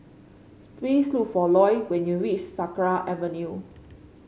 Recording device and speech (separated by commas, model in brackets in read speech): mobile phone (Samsung C5), read sentence